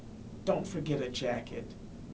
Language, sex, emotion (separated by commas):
English, male, neutral